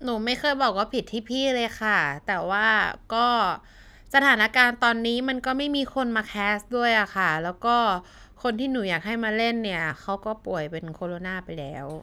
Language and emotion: Thai, frustrated